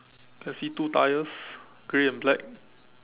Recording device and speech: telephone, conversation in separate rooms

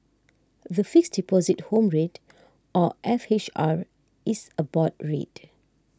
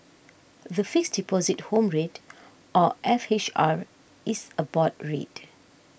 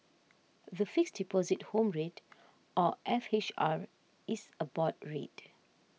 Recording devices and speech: standing microphone (AKG C214), boundary microphone (BM630), mobile phone (iPhone 6), read sentence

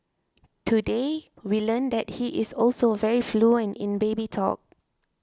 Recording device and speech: close-talking microphone (WH20), read sentence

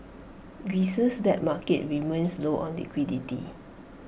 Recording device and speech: boundary microphone (BM630), read sentence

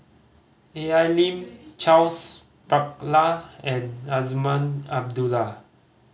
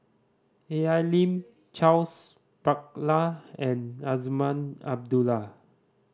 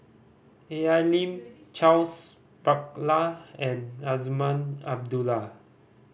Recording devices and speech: mobile phone (Samsung C5010), standing microphone (AKG C214), boundary microphone (BM630), read sentence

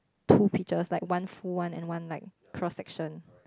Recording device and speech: close-talking microphone, conversation in the same room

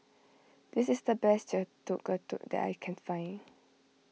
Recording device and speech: mobile phone (iPhone 6), read sentence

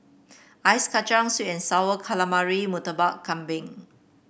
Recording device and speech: boundary microphone (BM630), read sentence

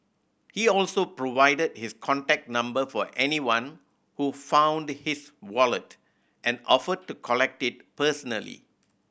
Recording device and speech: boundary microphone (BM630), read sentence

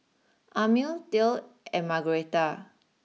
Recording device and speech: mobile phone (iPhone 6), read sentence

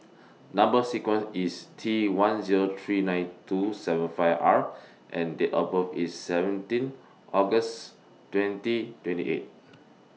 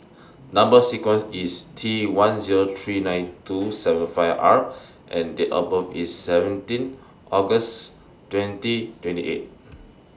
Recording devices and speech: mobile phone (iPhone 6), standing microphone (AKG C214), read sentence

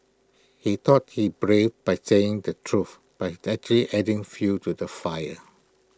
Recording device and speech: close-talking microphone (WH20), read sentence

